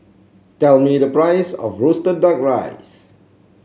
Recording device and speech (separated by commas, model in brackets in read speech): mobile phone (Samsung C7), read sentence